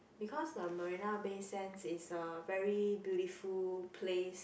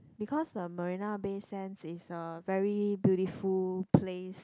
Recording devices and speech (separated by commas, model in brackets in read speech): boundary microphone, close-talking microphone, conversation in the same room